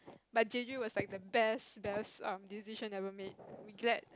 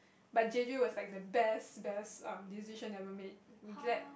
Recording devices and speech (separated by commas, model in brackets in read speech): close-talking microphone, boundary microphone, conversation in the same room